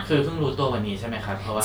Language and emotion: Thai, neutral